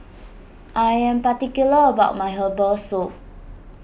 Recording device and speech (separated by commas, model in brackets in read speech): boundary microphone (BM630), read sentence